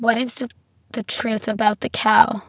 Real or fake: fake